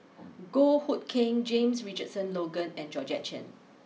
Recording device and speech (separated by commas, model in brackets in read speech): mobile phone (iPhone 6), read sentence